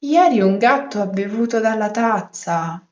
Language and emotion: Italian, surprised